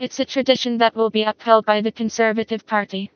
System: TTS, vocoder